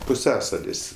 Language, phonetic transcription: Lithuanian, puˈsiasalis

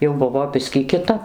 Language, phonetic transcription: Lithuanian, jau ˈbuvo ˈbiskį kiˈtap

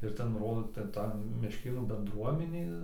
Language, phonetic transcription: Lithuanian, ir ˈten ˈrodo ˈten ˈta mešˈkėnų benˈdruominė

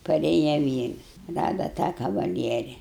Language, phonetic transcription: Lithuanian, paˈrėja ˈvyrs ˈrada tą kavaˈlieri

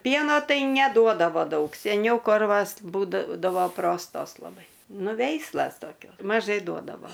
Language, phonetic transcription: Lithuanian, ˈpieno ˈtai neˈduodavo ˈdaug seˈniau ˈkorvas ˈbūdavo ˈprostos laˈbai ˈnu ˈveislas toˈkios maˈžai ˈduodavo

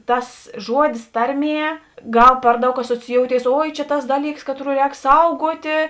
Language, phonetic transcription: Lithuanian, ˈtas ˈžuodis ˈtarˌmie ˈgal ˈpar ˌdaug asociˈjoutėis ˈoi čia tas ˈdaˌlyks ˈkatˌrų ˈrēk ˈsauguotė

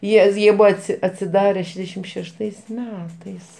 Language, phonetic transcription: Lithuanian, ˈjie ˈjie ˈbua ˈatsi atsiˈdare ˈšešdešim šešˈtais ˈmetais

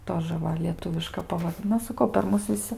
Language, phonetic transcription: Lithuanian, ˈtožə ˈva lieˈtuviška pavarˈ ˈna saˈkau per ˈmus viˈsi

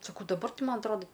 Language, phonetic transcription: Lithuanian, saˈkau daˈbar ˈti ˈman atˈroda

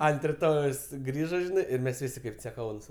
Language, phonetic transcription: Lithuanian, ant riˈtojaus ˈgrįža ˈžinai ˈir ˈmes ˈvisi kaip ceˈkaunūs

